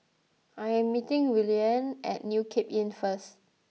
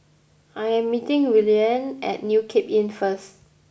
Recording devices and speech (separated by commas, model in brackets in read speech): mobile phone (iPhone 6), boundary microphone (BM630), read sentence